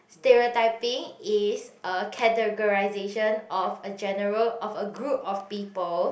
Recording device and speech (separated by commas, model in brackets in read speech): boundary microphone, conversation in the same room